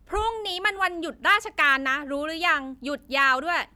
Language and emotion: Thai, angry